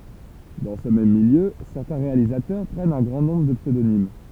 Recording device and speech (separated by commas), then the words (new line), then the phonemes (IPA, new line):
temple vibration pickup, read sentence
Dans ce même milieu, certains réalisateurs prennent un grand nombre de pseudonymes.
dɑ̃ sə mɛm miljø sɛʁtɛ̃ ʁealizatœʁ pʁɛnt œ̃ ɡʁɑ̃ nɔ̃bʁ də psødonim